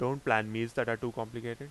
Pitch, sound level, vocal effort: 115 Hz, 87 dB SPL, loud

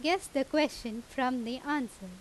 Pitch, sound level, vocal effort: 260 Hz, 87 dB SPL, loud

